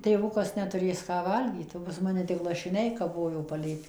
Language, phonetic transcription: Lithuanian, tėˈvukas netuˈrės ˈką ˈvalgyt o pas ˈmane tik lašiˈniai kaˈbojo paˈlėp'

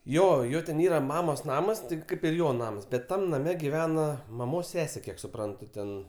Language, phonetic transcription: Lithuanian, ˈjo ˈjo ten ˈyra ˈmamos ˈnamas ˈtik ˈkaip ir ˈjo ˈnamas ˈbet ˈtam naˈme giˈvena maˈmos ˈsesė ˈkiek suˈprantu ten

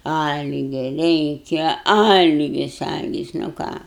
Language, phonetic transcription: Lithuanian, ˈalgia ˈreikia ˈalgis ˈalgis nu ˈką

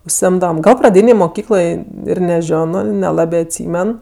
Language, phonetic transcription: Lithuanian, užsiˈimdavam ˈgal praˈdynėj moˈkykloj ir neˈžiono neˈlabė atˈsymen

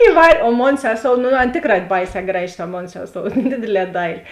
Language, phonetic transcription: Lithuanian, iˈvar' o ˈmon ˈseˌsou nu ˈan ˈtėkˌrā ˈbaiˌsē ˈgraˌži ta ˈmon ˈseˌsou ˈdėdėˌlē ˈdaili

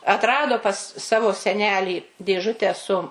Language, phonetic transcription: Lithuanian, atˈrado pas ˈsavo seˈnelį dėˈžutę su

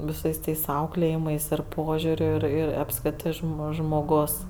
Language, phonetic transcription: Lithuanian, viˈsais ˈtais ˈauklėjimais ir ˈpožiūriu ˈir ˈir apsˈkritɜ ˈžmo žmoˈgos

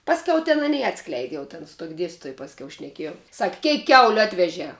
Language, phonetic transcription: Lithuanian, ˈpasˌkiau ten aˈny ˈatskleidi ˈjau ten su tuok' ˈdiestytoj pasˈkiau šneˈkiejau sak' ˈkeik ˈkiauliu ˈatvežē

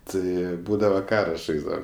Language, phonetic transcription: Lithuanian, ˈtai ˈbūdava ˈkara ˈžaisdavam

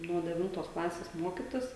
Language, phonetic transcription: Lithuanian, nuo deˈvintos ˈklasės ˈmuokitis

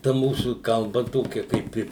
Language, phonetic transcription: Lithuanian, ta ˈmūsų kalˈba ˈtokia kaip ˈi

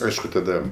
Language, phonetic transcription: Lithuanian, ˈaišku taˈda

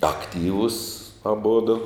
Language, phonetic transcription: Lithuanian, akˈtyvus aˈbudu

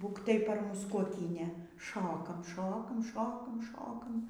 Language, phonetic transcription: Lithuanian, ˈbūk tai par ˈmus kuoˈkynė ˈšokam ˈšokam ˈšokam ˈšokam

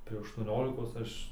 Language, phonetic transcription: Lithuanian, tai aštuoˈniolikos ˈaš

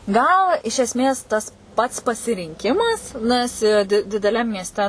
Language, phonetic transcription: Lithuanian, ˈgal iš esˈmės ˈtas ˈpats pasirinˈkimas ˈnas i di dideˈliam miesˈte

